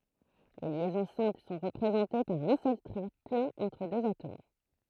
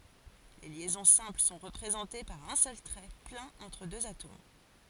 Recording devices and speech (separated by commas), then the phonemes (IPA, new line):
throat microphone, forehead accelerometer, read sentence
le ljɛzɔ̃ sɛ̃pl sɔ̃ ʁəpʁezɑ̃te paʁ œ̃ sœl tʁɛ plɛ̃n ɑ̃tʁ døz atom